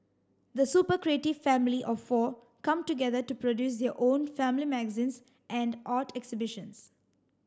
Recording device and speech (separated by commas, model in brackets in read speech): standing microphone (AKG C214), read sentence